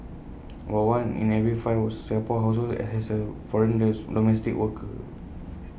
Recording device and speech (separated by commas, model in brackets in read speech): boundary microphone (BM630), read sentence